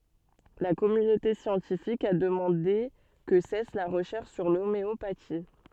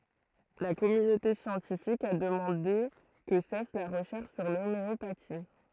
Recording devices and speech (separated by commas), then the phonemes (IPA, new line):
soft in-ear microphone, throat microphone, read sentence
la kɔmynote sjɑ̃tifik a dəmɑ̃de kə sɛs la ʁəʃɛʁʃ syʁ lomeopati